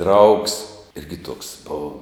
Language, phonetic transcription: Lithuanian, draugs ˈirgi tuoks ˈbova

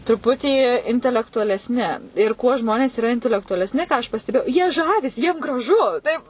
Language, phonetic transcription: Lithuanian, truˈputį intelektualesˈni ir kuo ˈžmonės yˈra intelektualesˈni ką aš pasteˈbėjau jie ˈžavisi ˈjiem graˈžu ˈtaip

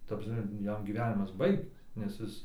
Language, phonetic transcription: Lithuanian, ta prasˈme ˈjam gyˈvenimas ˈbaigtas nes ˈis

